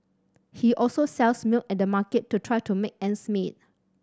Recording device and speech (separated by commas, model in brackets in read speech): standing microphone (AKG C214), read sentence